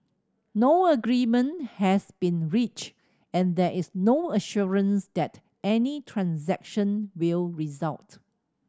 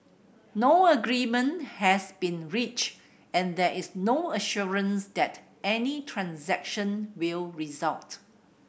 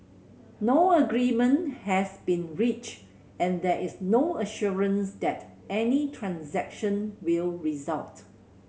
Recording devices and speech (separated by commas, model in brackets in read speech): standing microphone (AKG C214), boundary microphone (BM630), mobile phone (Samsung C7100), read sentence